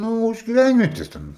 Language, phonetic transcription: Lithuanian, ˈnū už giˈvænvietes ˈten

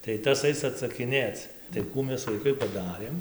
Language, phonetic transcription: Lithuanian, tai ˈtas ˈais atsakiˈnėc tai ˈkų ˈmes vaiˈkai paˈdarėm

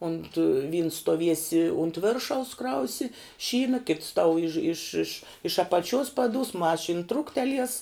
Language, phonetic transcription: Lithuanian, unt vyns stuoˈviesi unt ˈviršaus ˈkrausi ˈšyna kits tau iž iš iš iš apaˈčius paˈdus ˈmašin ˈtruktelies

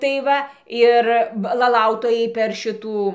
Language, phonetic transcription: Lithuanian, tai ˈva ˈir va laˈlautojai per ˈšitų

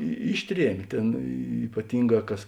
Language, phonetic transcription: Lithuanian, i ˈišˌtriem' ˈtėn ypaˈtinˌgā ˈkas

